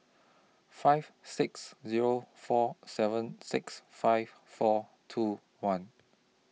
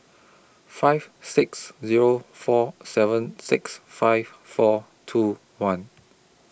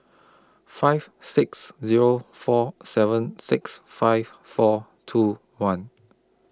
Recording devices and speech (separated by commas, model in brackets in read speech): mobile phone (iPhone 6), boundary microphone (BM630), close-talking microphone (WH20), read sentence